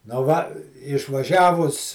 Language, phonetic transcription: Lithuanian, nu ˈva išvaˈžiavus

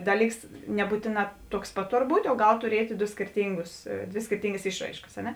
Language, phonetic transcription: Lithuanian, ˈdaˌlyks neˈbūtėˌnā tuoks ˈpat ˈtor ˈbūt' o ˈgal tuˈriet' ˈdo skėrˈtyngus ˈdvė skėrˈtyngas ˈišˌraiškas a ˈne

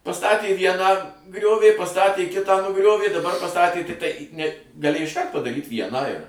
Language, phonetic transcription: Lithuanian, paˈstatė ˈvieną ˈgriovė paˈstatė ˈkitą nuˈgriovė daˈbar paˈstatė tikˈtai ne gaˈlėj išˈkart padaˈryt ˈvieną ir

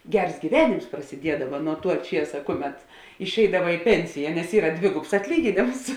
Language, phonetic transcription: Lithuanian, ˈgers gyˈvenims prasiˈdiedava nuo tuo ˈčiesa ˈkuˌmet išˈeidava i ˈpensija nes ˈyra ˈdvigubs atˈlyginėms

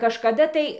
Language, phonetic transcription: Lithuanian, kažkaˈda tai

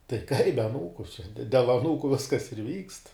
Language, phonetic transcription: Lithuanian, tai kaip be aˈnūku čia de del aˈnūku ˈviskas ir vykst

